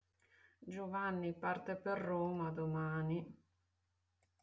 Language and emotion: Italian, sad